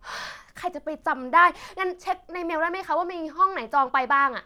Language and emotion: Thai, frustrated